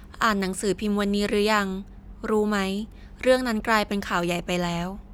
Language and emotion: Thai, neutral